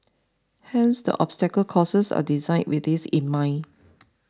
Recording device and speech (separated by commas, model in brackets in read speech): standing microphone (AKG C214), read sentence